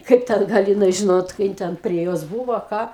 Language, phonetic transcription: Lithuanian, ˈkaip ˈten ˈgal jiˈnai ˈžinot ˈkai jin ten prie ˈjos ˈbūvo ˈką

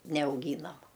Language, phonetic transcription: Lithuanian, neauˈgynam

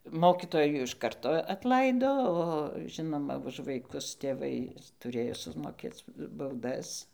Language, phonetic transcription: Lithuanian, ˈmokitojų iš ˈkarto atˈlaido o ˈžinoma už vaiˈkus tėˈvai tuˈrėjo sumoˈkėc bauˈdas

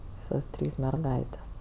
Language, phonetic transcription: Lithuanian, ˈvysos ˈtrys merˈgaitės

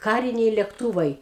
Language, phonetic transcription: Lithuanian, ˈkariniai lekˈtūvai

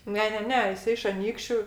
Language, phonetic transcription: Lithuanian, ˈne ˈne ˈne jiˈsai iš aˈnykščiu

